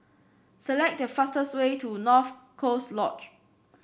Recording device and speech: boundary microphone (BM630), read sentence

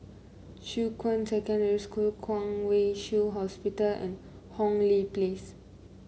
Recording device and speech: mobile phone (Samsung C9), read sentence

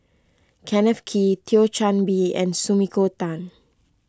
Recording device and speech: close-talking microphone (WH20), read sentence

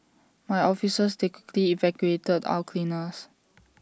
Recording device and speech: standing microphone (AKG C214), read sentence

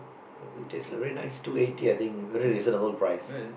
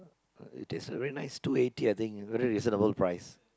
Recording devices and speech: boundary microphone, close-talking microphone, conversation in the same room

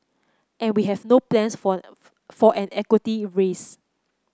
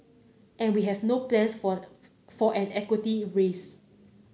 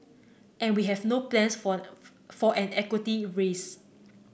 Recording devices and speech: close-talking microphone (WH30), mobile phone (Samsung C9), boundary microphone (BM630), read sentence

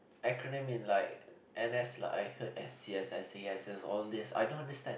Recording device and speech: boundary microphone, conversation in the same room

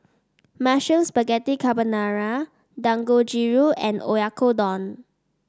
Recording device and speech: standing microphone (AKG C214), read sentence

